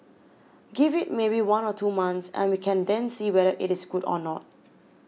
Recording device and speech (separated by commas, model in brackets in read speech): mobile phone (iPhone 6), read sentence